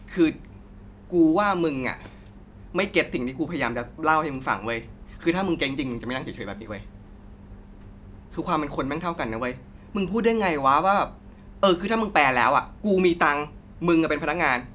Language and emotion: Thai, frustrated